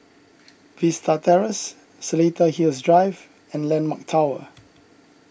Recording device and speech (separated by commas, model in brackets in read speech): boundary microphone (BM630), read sentence